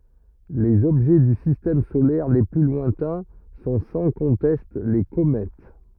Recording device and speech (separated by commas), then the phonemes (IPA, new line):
rigid in-ear microphone, read sentence
lez ɔbʒɛ dy sistɛm solɛʁ le ply lwɛ̃tɛ̃ sɔ̃ sɑ̃ kɔ̃tɛst le komɛt